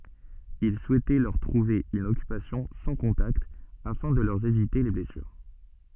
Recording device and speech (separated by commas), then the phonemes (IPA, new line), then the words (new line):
soft in-ear microphone, read sentence
il suɛtɛ lœʁ tʁuve yn ɔkypasjɔ̃ sɑ̃ kɔ̃takt afɛ̃ də lœʁ evite le blɛsyʁ
Il souhaitait leur trouver une occupation sans contacts, afin de leur éviter les blessures.